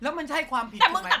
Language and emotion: Thai, angry